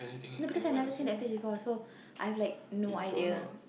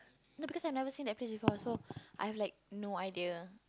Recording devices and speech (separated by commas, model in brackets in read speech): boundary microphone, close-talking microphone, conversation in the same room